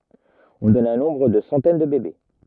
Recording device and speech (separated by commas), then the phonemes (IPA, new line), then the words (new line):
rigid in-ear microphone, read sentence
ɔ̃ dɔn œ̃ nɔ̃bʁ də sɑ̃tɛn də bebe
On donne un nombre de centaines de bébés.